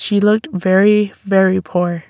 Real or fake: real